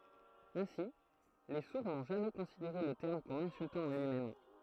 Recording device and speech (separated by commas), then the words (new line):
throat microphone, read sentence
Ainsi, les sourds n’ont jamais considéré le terme comme insultant en lui-même.